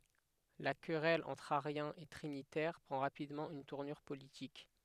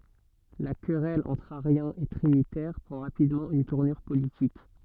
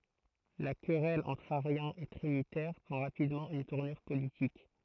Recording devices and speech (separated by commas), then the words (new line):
headset microphone, soft in-ear microphone, throat microphone, read sentence
La querelle entre ariens et trinitaires prend rapidement une tournure politique.